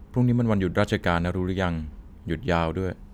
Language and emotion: Thai, frustrated